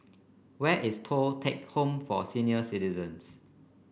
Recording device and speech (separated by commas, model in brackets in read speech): boundary microphone (BM630), read sentence